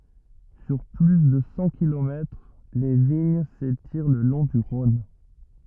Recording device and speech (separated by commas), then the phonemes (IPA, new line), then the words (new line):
rigid in-ear microphone, read sentence
syʁ ply də sɑ̃ kilomɛtʁ le viɲ setiʁ lə lɔ̃ dy ʁɔ̃n
Sur plus de cent kilomètres, les vignes s'étirent le long du Rhône.